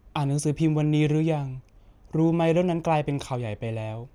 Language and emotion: Thai, neutral